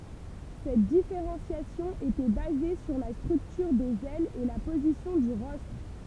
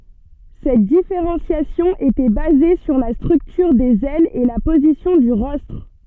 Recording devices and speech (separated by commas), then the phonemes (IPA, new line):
temple vibration pickup, soft in-ear microphone, read sentence
sɛt difeʁɑ̃sjasjɔ̃ etɛ baze syʁ la stʁyktyʁ dez ɛlz e la pozisjɔ̃ dy ʁɔstʁ